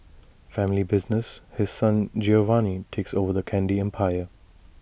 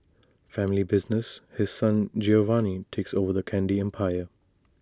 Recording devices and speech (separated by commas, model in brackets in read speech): boundary microphone (BM630), standing microphone (AKG C214), read sentence